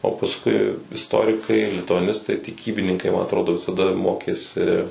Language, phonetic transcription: Lithuanian, o pasˈkui isˈtorikai lituaˈnistai tiˈkybininkai man atˈrodo visaˈda ˈmokėsi

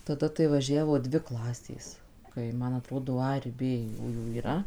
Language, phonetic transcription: Lithuanian, taˈda tai vaˈžiavo ˈdvi ˈklasės ˈkai ˈman aˈtrodo ˈa ir ˈbė ˈjųjų yˈra

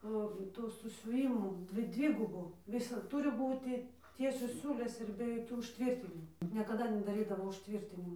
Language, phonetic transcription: Lithuanian, ˈo ˈtų susiuˈvymų ˈdvi ˈdvigubu ˈvisad ˈturi ˈbūti ˈtiesios ˈsiūlės ir be joˈkių užˈtvirtinimu niekaˈda nedaˈrydavo užˈtvyrtinimu

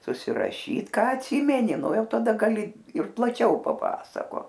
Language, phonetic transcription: Lithuanian, susiraˈšyt ˈką atˈsymeni ˈnu ˈjau taˈda gaˈli ir plaˈčiau paˈpasakot

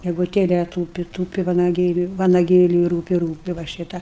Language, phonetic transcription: Lithuanian, geguˈtėle ˈtūpi ˈtūpi vanaˈgėliui vanaˈgėliui ˈrūpi ˈrūpi va ˈšyta

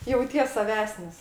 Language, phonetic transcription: Lithuanian, jauˈties saˈvesnis

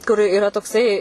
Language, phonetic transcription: Lithuanian, kur iˈra tokˈsai

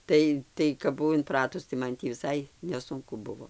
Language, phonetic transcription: Lithuanian, ˈtai tai kap buˈvau inˈpratus tai ˈman tį viˈsai neˈsunku ˈbuvo

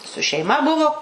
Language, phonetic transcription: Lithuanian, su šeiˈma ˈbuvo

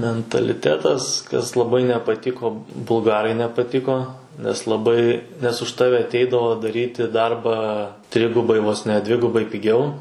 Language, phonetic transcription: Lithuanian, mentaliˈtetas kas laˈbai nepaˈtiko bulˈgarai nepaˈtiko nes laˈbai nes už ˈtave atˈeidavo daˈryti ˈdarbą ˈtrigubai vos ˈne ˈdvigubai piˈgiau

